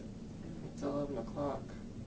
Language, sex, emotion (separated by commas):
English, male, neutral